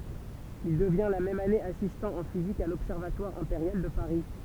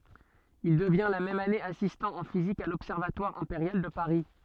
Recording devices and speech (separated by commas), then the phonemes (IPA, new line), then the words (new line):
temple vibration pickup, soft in-ear microphone, read sentence
il dəvjɛ̃ la mɛm ane asistɑ̃ ɑ̃ fizik a lɔbsɛʁvatwaʁ ɛ̃peʁjal də paʁi
Il devient la même année assistant en physique à l'Observatoire impérial de Paris.